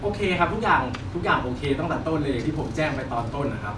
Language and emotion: Thai, neutral